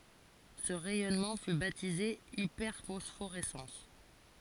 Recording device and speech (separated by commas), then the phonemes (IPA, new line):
forehead accelerometer, read sentence
sə ʁɛjɔnmɑ̃ fy batize ipɛʁfɔsfoʁɛsɑ̃s